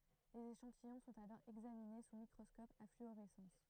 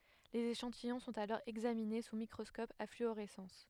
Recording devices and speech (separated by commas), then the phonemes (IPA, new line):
throat microphone, headset microphone, read sentence
lez eʃɑ̃tijɔ̃ sɔ̃t alɔʁ ɛɡzamine su mikʁɔskɔp a flyoʁɛsɑ̃s